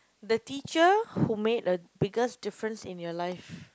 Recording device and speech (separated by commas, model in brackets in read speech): close-talking microphone, conversation in the same room